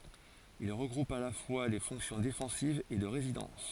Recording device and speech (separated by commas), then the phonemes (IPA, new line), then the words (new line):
forehead accelerometer, read sentence
il ʁəɡʁupt a la fwa le fɔ̃ksjɔ̃ defɑ̃sivz e də ʁezidɑ̃s
Ils regroupent à la fois les fonctions défensives et de résidence.